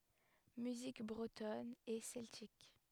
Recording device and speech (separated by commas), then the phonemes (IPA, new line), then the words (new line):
headset microphone, read sentence
myzik bʁətɔn e sɛltik
Musique bretonne et celtique.